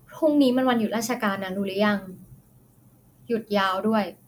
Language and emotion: Thai, neutral